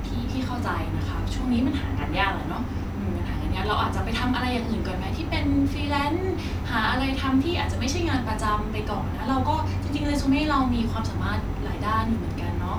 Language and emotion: Thai, neutral